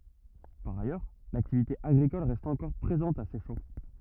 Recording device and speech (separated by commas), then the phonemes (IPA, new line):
rigid in-ear microphone, read sentence
paʁ ajœʁ laktivite aɡʁikɔl ʁɛst ɑ̃kɔʁ pʁezɑ̃t a sɛʃɑ̃